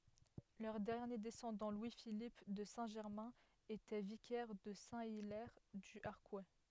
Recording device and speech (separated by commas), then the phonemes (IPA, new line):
headset microphone, read sentence
lœʁ dɛʁnje dɛsɑ̃dɑ̃ lwi filip də sɛ̃ ʒɛʁmɛ̃ etɛ vikɛʁ də sɛ̃ ilɛʁ dy aʁkw